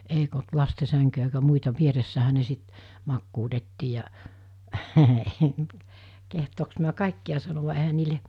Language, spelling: Finnish, eikä ollut lasten sänkyjä eikä muita vieressähän ne sitten makuutettiin ja kehdoksi mitä kaikkia sanovat eihän niille
- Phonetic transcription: 'eik ‿olt 'laste 'säŋkyjä eikä 'muita 'vieressähä ne 'sit , 'makkuutettii ja , kehtooks miä 'kàikki₍a sanova ehän̆ niile ,.

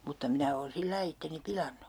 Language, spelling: Finnish, mutta minä olen sillä lailla itseni pilannut
- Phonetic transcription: mutta 'minä oon 'sillai itteni "pilannu .

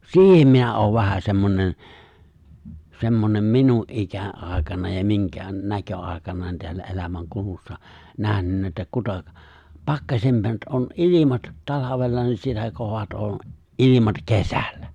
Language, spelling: Finnish, siihen minä olen vähän semmoinen semmoinen minun ikäaikana ja minkään näköaikana täällä elämänkulussa nähnyt että kuta pakkasemmat on ilmat talvella niin sitä kovemmat on ilmat kesällä
- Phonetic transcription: si̬ihem 'minä oov vähä 'semmonen , 'semmonem "minu’ '’ikä'’àekana ja miŋkään , 'näkö’àekana teällä '’elämäŋkulussa 'nähnynnä että 'kuta , 'pakkaśemm̬at ’on '’ilimat , 'talavella nin 'sitä 'kov[emm]at on , '’ilimat "kesällᴀ̈ .

